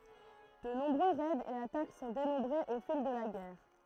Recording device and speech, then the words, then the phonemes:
throat microphone, read sentence
De nombreux raids et attaques sont dénombrées au fil de la guerre.
də nɔ̃bʁø ʁɛdz e atak sɔ̃ denɔ̃bʁez o fil də la ɡɛʁ

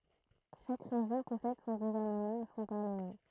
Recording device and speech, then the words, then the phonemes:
throat microphone, read sentence
Chaque région possède son gouvernement et son parlement.
ʃak ʁeʒjɔ̃ pɔsɛd sɔ̃ ɡuvɛʁnəmɑ̃ e sɔ̃ paʁləmɑ̃

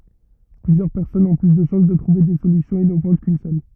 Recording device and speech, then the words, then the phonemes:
rigid in-ear microphone, read sentence
Plusieurs personnes ont plus de chances de trouver des solutions innovantes qu’une seule.
plyzjœʁ pɛʁsɔnz ɔ̃ ply də ʃɑ̃s də tʁuve de solysjɔ̃z inovɑ̃t kyn sœl

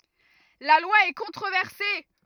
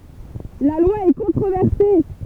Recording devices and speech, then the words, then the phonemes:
rigid in-ear microphone, temple vibration pickup, read sentence
La loi est controversée.
la lwa ɛ kɔ̃tʁovɛʁse

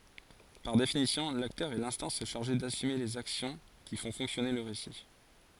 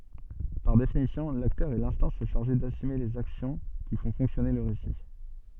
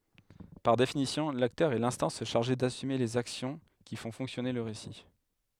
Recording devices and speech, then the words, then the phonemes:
forehead accelerometer, soft in-ear microphone, headset microphone, read sentence
Par définition, l'acteur est l'instance chargée d'assumer les actions qui font fonctionner le récit.
paʁ definisjɔ̃ laktœʁ ɛ lɛ̃stɑ̃s ʃaʁʒe dasyme lez aksjɔ̃ ki fɔ̃ fɔ̃ksjɔne lə ʁesi

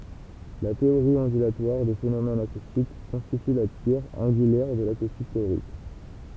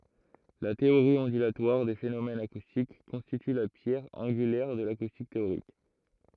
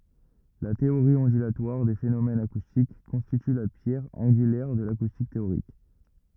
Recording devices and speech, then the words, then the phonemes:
temple vibration pickup, throat microphone, rigid in-ear microphone, read sentence
La théorie ondulatoire des phénomènes acoustiques constitue la pierre angulaire de l'acoustique théorique.
la teoʁi ɔ̃dylatwaʁ de fenomɛnz akustik kɔ̃stity la pjɛʁ ɑ̃ɡylɛʁ də lakustik teoʁik

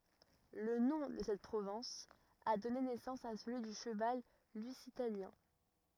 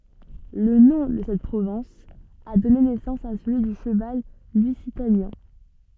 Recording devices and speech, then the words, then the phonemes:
rigid in-ear microphone, soft in-ear microphone, read sentence
Le nom de cette province a donné naissance à celui du cheval Lusitanien.
lə nɔ̃ də sɛt pʁovɛ̃s a dɔne nɛsɑ̃s a səlyi dy ʃəval lyzitanjɛ̃

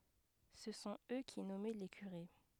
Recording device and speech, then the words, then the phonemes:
headset microphone, read sentence
Ce sont eux qui nommaient les curés.
sə sɔ̃t ø ki nɔmɛ le kyʁe

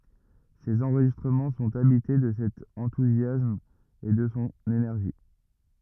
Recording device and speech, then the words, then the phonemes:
rigid in-ear microphone, read sentence
Ses enregistrements sont habités de cet enthousiasme et de son énergie.
sez ɑ̃ʁʒistʁəmɑ̃ sɔ̃t abite də sɛt ɑ̃tuzjasm e də sɔ̃ enɛʁʒi

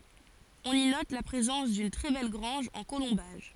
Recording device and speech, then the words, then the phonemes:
forehead accelerometer, read sentence
On y note la présence d'une très belle grange en colombages.
ɔ̃n i nɔt la pʁezɑ̃s dyn tʁɛ bɛl ɡʁɑ̃ʒ ɑ̃ kolɔ̃baʒ

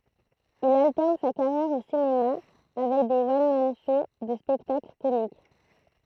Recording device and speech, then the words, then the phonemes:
throat microphone, read sentence
Il alterne sa carrière au cinéma avec des one-man shows de spectacles comiques.
il altɛʁn sa kaʁjɛʁ o sinema avɛk de wɔn man ʃow də spɛktakl komik

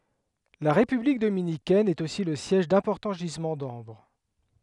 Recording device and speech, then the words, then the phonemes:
headset microphone, read sentence
La République dominicaine est aussi le siège d'importants gisements d'ambre.
la ʁepyblik dominikɛn ɛt osi lə sjɛʒ dɛ̃pɔʁtɑ̃ ʒizmɑ̃ dɑ̃bʁ

